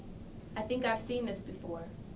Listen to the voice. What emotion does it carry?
neutral